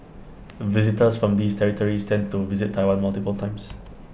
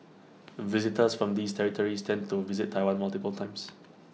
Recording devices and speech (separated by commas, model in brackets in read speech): boundary microphone (BM630), mobile phone (iPhone 6), read sentence